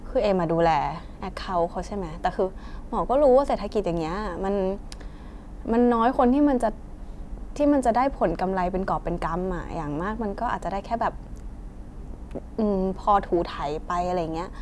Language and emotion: Thai, frustrated